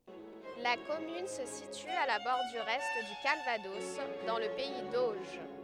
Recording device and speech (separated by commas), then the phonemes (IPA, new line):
headset microphone, read sentence
la kɔmyn sə sity a la bɔʁdyʁ ɛ dy kalvadɔs dɑ̃ lə pɛi doʒ